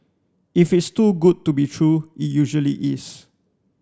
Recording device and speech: standing microphone (AKG C214), read sentence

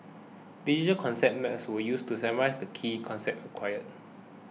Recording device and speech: mobile phone (iPhone 6), read sentence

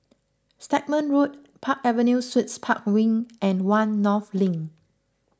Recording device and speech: close-talking microphone (WH20), read sentence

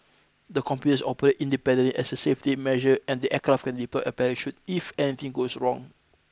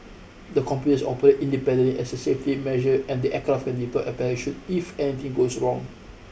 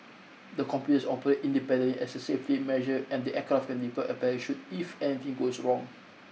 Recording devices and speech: close-talking microphone (WH20), boundary microphone (BM630), mobile phone (iPhone 6), read sentence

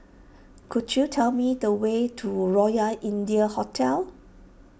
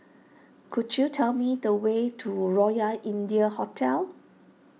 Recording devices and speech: boundary microphone (BM630), mobile phone (iPhone 6), read sentence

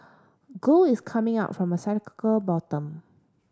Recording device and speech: standing microphone (AKG C214), read sentence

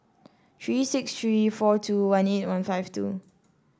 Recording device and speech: standing microphone (AKG C214), read sentence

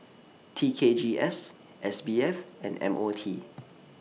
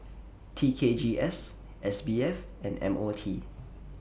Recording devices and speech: mobile phone (iPhone 6), boundary microphone (BM630), read sentence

